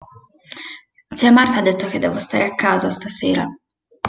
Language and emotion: Italian, sad